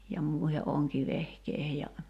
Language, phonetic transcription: Finnish, ja 'mùihe '’oŋkivehkeihe ja ,.
- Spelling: ja muiden onkivehkeiden ja

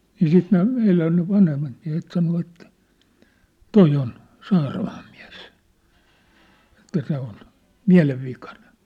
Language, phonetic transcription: Finnish, nii 'siit ne , 'meilän ne 'vanhemmat miä̭het 'sano ettᴀ̈ , » "toi on , 'Saaramaam miä̭s « , että » se ‿on , "miä̭lev'vikanᴇɴ . «
- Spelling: niin sitten ne meidän ne vanhemmat miehet sanoi että tuo on Saaramaan mies että se on mielenvikainen

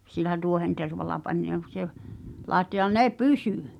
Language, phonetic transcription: Finnish, sil̆lä 'tuohentervala pań , làetto ja 'ne "pysỳ !
- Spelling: sillä tuohentervalla pani laittoi ja ne pysyi

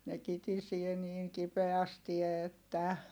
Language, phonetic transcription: Finnish, ne kitisie niiŋ kipeästi että .
- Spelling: ne kitisee niin kipeästi että

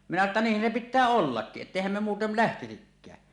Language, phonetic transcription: Finnish, minä sano ‿tta » "niih̆hän se 'pittää "ollakkiˀ 'ˀettèihäm me muutel "lähtisikkää « .
- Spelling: minä sanoin jotta niinhän se pitää ollakin että eihän me muuten lähtisikään

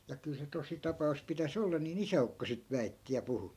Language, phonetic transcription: Finnish, ja kyl se 'tosi'tapa₍us pitä's ‿olla nii"n ‿isä₍ukko sit 'väitti ja 'puhu .
- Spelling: ja kyllä se tositapaus pitäisi olla niin isäukko sitten väitti ja puhui

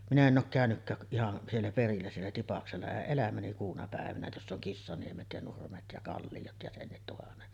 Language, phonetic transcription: Finnish, minä 'en ˀook 'kä̀önykkääk k- , ihan , 'siellä perillä siellä 'Tipaksella 'eˀ 'ˀelämäni kuuna pä̀evänä 'joss ‿oŋ 'Kissaniemet ja 'Nurmet ja 'Kallijot ja 'sennit tuhannet .
- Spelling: minä en ole käynytkään - ihan siellä perillä siellä Tipaksella en elämäni kuuna päivänä jossa on Kissaniemet ja Nurmet ja Kalliot ja senkin tuhannet

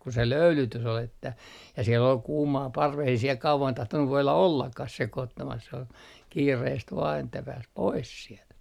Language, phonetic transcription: Finnish, ku se "löylytys ‿ol ‿että , ja siel ‿ol 'kuumaa 'parves ei siel 'kauvan 'tahtonnu voila "ollakkah 'sekoottamas s ‿ol , 'kiireest vaa että 'pääs "pois sielt .
- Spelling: kun se löylytys oli että ja siellä oli kuumaa parvessa ei siellä kauan tahtonut voida ollakaan sekoittamassa se oli kiireesti vain että pääsi pois sieltä

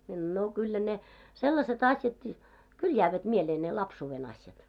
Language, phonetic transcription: Finnish, mie (sa)noin » 'no , 'kyllä ne , 'sellase't ‿asjatkii , "kul jäävät 'mielee ne "lapsuuve'n ‿asjat « .
- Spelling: minä sanoin no kyllä ne sellaiset asiatkin kyllä jäävät mieleen ne lapsuuden asiat

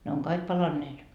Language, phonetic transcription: Finnish, ne oŋ 'kaik 'palanneet .
- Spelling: ne on kaikki palaneet

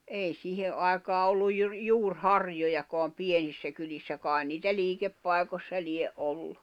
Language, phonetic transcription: Finnish, èi 'sìhe’ ’àekaa olluj jur-'juur'harjojakoam 'pienissä kylissä 'kài̬n niitä 'liikeppai̬kossa 'lie’ '’ollu .
- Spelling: ei siihen aikaan ollut juuriharjojakaan pienissä kylissä kai niitä liikepaikoissa lie ollut

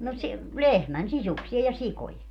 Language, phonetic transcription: Finnish, no si- , "lehmän "sisuksia ja 'sikoje .
- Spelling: no - lehmän sisuksia ja sikojen

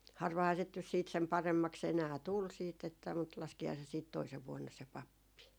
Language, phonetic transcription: Finnish, 'harvahaa sit nys siit sem 'paremmaks ‿enää "tul siit että , mut 'laskihaa se siit 'toisev 'vuonna se "pappi .
- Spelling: harvahan sitä nyt sitten sen paremmaksi enää tuli sitten että mutta laskihan se sitten toisena vuonna se pappi

